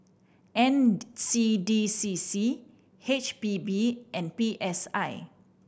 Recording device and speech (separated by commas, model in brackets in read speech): boundary microphone (BM630), read sentence